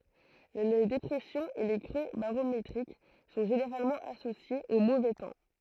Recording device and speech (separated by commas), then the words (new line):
throat microphone, read sentence
Les dépressions et les creux barométriques sont généralement associés au mauvais temps.